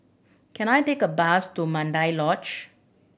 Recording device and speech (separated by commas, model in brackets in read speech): boundary microphone (BM630), read sentence